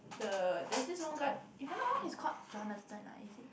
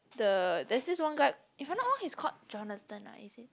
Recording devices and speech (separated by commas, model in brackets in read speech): boundary microphone, close-talking microphone, conversation in the same room